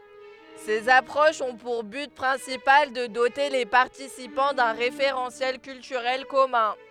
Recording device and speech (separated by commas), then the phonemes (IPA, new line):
headset microphone, read sentence
sez apʁoʃz ɔ̃ puʁ byt pʁɛ̃sipal də dote le paʁtisipɑ̃ dœ̃ ʁefeʁɑ̃sjɛl kyltyʁɛl kɔmœ̃